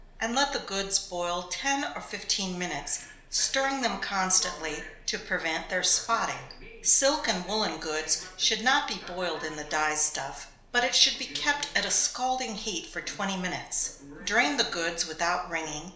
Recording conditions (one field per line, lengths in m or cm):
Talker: one person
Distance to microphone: 1.0 m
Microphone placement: close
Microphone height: 1.1 m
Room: small (3.7 m by 2.7 m)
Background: television